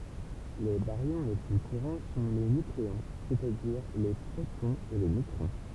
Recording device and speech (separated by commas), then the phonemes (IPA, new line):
temple vibration pickup, read sentence
le baʁjɔ̃ le ply kuʁɑ̃ sɔ̃ le nykleɔ̃ sɛstadiʁ le pʁotɔ̃z e le nøtʁɔ̃